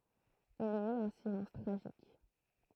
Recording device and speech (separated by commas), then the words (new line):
throat microphone, read sentence
Il y eut un silence tragique.